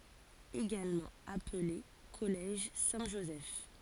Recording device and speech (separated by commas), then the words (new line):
forehead accelerometer, read sentence
Également appelé Collège Saint-Joseph.